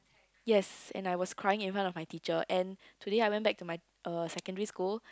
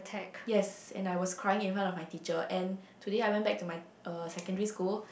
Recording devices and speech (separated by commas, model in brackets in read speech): close-talking microphone, boundary microphone, conversation in the same room